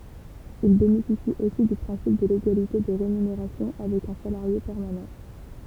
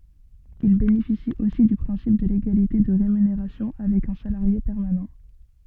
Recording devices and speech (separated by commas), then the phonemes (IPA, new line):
temple vibration pickup, soft in-ear microphone, read sentence
il benefisit osi dy pʁɛ̃sip də leɡalite də ʁemyneʁasjɔ̃ avɛk œ̃ salaʁje pɛʁmanɑ̃